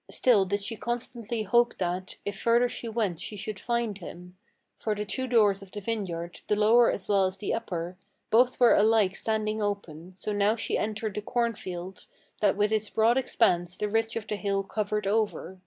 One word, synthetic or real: real